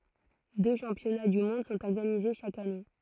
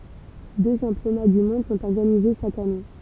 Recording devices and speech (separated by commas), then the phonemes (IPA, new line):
throat microphone, temple vibration pickup, read sentence
dø ʃɑ̃pjɔna dy mɔ̃d sɔ̃t ɔʁɡanize ʃak ane